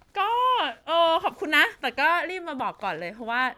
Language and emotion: Thai, happy